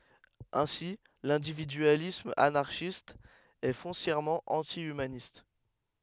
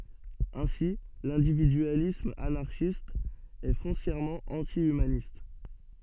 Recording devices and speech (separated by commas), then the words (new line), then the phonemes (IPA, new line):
headset microphone, soft in-ear microphone, read sentence
Ainsi, l'individualisme anarchiste est foncièrement anti-humaniste.
ɛ̃si lɛ̃dividyalism anaʁʃist ɛ fɔ̃sjɛʁmɑ̃ ɑ̃ti ymanist